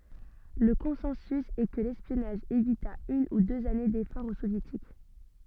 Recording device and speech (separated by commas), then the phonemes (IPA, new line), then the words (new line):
soft in-ear microphone, read sentence
lə kɔ̃sɑ̃sy ɛ kə lɛspjɔnaʒ evita yn u døz ane defɔʁz o sovjetik
Le consensus est que l'espionnage évita une ou deux années d'efforts aux Soviétiques.